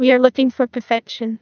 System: TTS, neural waveform model